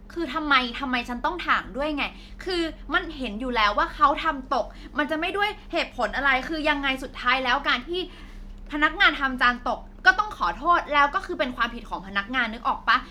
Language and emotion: Thai, angry